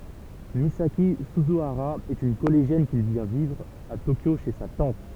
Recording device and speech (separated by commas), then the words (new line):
temple vibration pickup, read sentence
Misaki Suzuhara est une collégienne qui vient vivre à Tokyo chez sa tante.